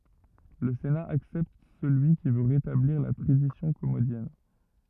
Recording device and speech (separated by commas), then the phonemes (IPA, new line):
rigid in-ear microphone, read sentence
lə sena aksɛpt səlyi ki vø ʁetabliʁ la tʁadisjɔ̃ kɔmodjɛn